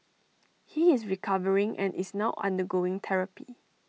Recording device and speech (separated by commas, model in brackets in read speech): mobile phone (iPhone 6), read sentence